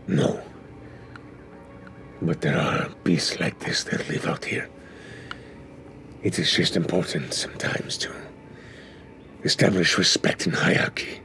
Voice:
gruffly